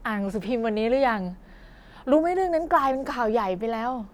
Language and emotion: Thai, frustrated